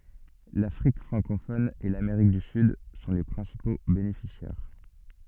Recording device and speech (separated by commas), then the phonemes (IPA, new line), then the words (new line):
soft in-ear microphone, read sentence
lafʁik fʁɑ̃kofɔn e lameʁik dy syd sɔ̃ le pʁɛ̃sipo benefisjɛʁ
L'Afrique francophone et l'Amérique du Sud sont les principaux bénéficiaires.